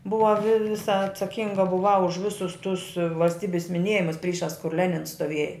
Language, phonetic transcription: Lithuanian, ˈbuva vi ˈvisa atsaˈkinga buˈvau už ˈvisus tus valsˈtybis miˈnėjimus ˈpryšās kur ˈlenins stoˈvieja

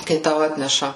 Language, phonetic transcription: Lithuanian, kai ˈtau ˈatneša

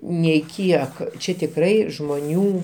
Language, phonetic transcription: Lithuanian, neiˈkiek ˈčia tikˈrai žmoˈnių

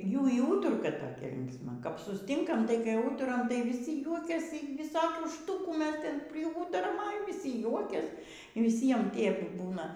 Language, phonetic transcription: Lithuanian, ˈjų y ˈūturka toˈkia linksˈma kap susˈtinkam tai kap ˈūturam tai vyˈsi ˈjuokiasy viˈsokių ˈštukų ˈmes ˈten priˈūturam a jau vyˈsi ˈjuokias viˈsiem ˈtiep ˈbūna

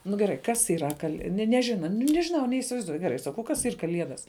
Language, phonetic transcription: Lithuanian, nu geˈrai kas yˈra kal ne neˈžina nu nežiˈnau neįsivaizˈduoj geˈrai saˈkau ˈkas ˈyr kaˈliedas

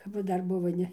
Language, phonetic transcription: Lithuanian, kap ˈva ˈdar ˈbuvo ˈne

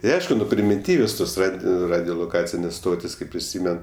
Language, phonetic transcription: Lithuanian, ti ˈaišku ˈnu primiˈtyvios ˈtos ˈrad ˈradioloˌkacinės ˈstotis kaip priˈsymen

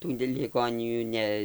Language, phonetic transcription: Lithuanian, ˈtų liˈgonijų ˈne

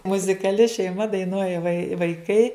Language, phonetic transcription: Lithuanian, muzikaˈli šeiˈma daiˈnuoja vai vaiˈkai

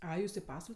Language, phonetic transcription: Lithuanian, ˈai ˈjūs i ˈpasval'

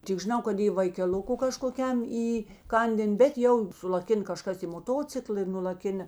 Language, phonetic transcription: Lithuanian, tik žiˈnau kad i vaikeˈl'uku kažkoˈkiam įˈkandėn bet ˈjau sulaˈkin kaˈžkas į moˈtocikla i nulaˈkina

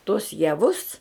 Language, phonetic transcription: Lithuanian, tuos jaˈvus

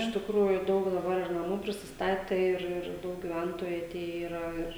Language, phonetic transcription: Lithuanian, iš tikˈrųju ˈdaug daˈbar naˈmų prisisˈtate ˈir ˈir ˈdaug giˈventoju aˈtėje yˈra ˈir

